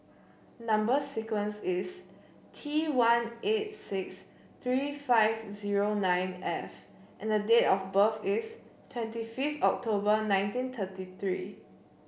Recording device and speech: boundary microphone (BM630), read sentence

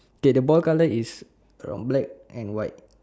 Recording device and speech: standing microphone, conversation in separate rooms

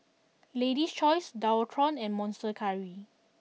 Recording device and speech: mobile phone (iPhone 6), read sentence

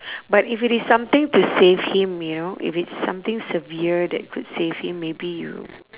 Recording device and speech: telephone, conversation in separate rooms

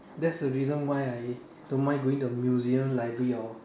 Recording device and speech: standing microphone, conversation in separate rooms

